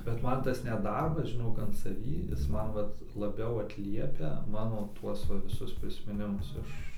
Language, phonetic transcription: Lithuanian, bet ˈman ˈtas net ˈdarbas žiˈnok an saˈvį ˈjis ˈman ˈvat laˈbiau atˈliepia ˈmano ˈtuos ˈva viˈsus prismiˈnimus ˈiš

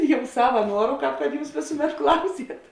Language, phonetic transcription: Lithuanian, ˈjau ˈsava ˈnuoru ˈkāp kad ˈjūs ˈvėsuˌmet ˈklauˌsiet

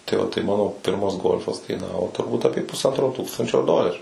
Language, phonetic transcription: Lithuanian, tai o tai ˈmano ˈpirmas ˈgolfas/golf kaiˈnavo turˈbūt aˈpė pusˈantro ˈtūkstančio ˈdoleriu

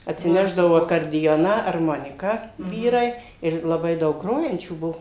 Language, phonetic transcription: Lithuanian, atsiˈnešdavo akardiˈjoną arˈmoniką ˈvyrai ir laˈbai ˈdaug ˈgrojančių ˈbuo

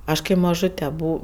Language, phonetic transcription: Lithuanian, ˈaš kai maˈžute ˈbu

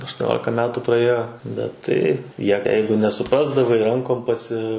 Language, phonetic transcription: Lithuanian, aštuoˈniolika ˈmetų praˈėjo bet ˈtai ˈjie ˈjeigu nesuˈprasdavai ˈrankom paˈsi

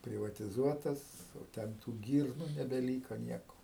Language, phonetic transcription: Lithuanian, privatiˈzuotas jau ˈten tų ˈgyrnu nebeˈlyko ˈnieko

